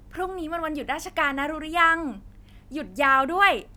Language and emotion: Thai, happy